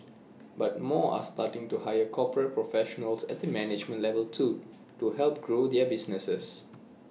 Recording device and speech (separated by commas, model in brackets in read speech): mobile phone (iPhone 6), read sentence